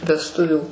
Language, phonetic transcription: Lithuanian, vesˈtuvių

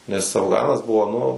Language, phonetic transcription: Lithuanian, nes afˈganas ˈbuvo ˈnu

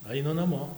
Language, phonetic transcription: Lithuanian, ˈaina naˈmo

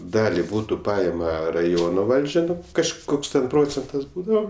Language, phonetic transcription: Lithuanian, ˈdali ˈbūtu ˈpaima raˈjono ˈvaldžia kažˈkoks ten ˈprocentas ˈbūdavo

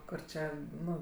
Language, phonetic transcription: Lithuanian, ˈkur čia ˈnu

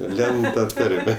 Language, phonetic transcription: Lithuanian, ˈlend ta ˈtarme

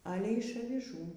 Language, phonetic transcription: Lithuanian, ˈalė iš aviˈžų

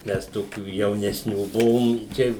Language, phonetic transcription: Lithuanian, ˈmes ˈtokių jaunesˈnių ˈbuvom ˈčia

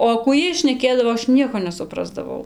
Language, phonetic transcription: Lithuanian, o kų ˈjiej šneˈkėdavo ˈaš ˈnieko nesuˈprasdavau

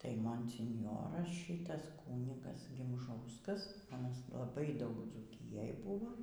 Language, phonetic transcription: Lithuanian, ˈtai monsinˈjoras ˈšitas ˈkūnigas gimˈžauskas aˈnas laˈbai ˈdaug dzūˈkijaj ˈbuvo

